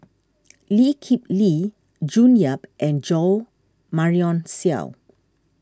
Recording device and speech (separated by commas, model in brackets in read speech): standing microphone (AKG C214), read sentence